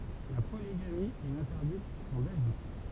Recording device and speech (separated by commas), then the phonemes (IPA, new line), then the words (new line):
temple vibration pickup, read sentence
la poliɡami ɛt ɛ̃tɛʁdit ɑ̃ bɛlʒik
La polygamie est interdite en Belgique.